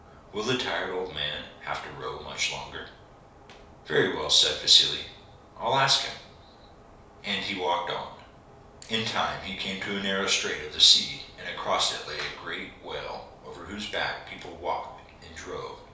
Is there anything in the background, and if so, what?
Nothing.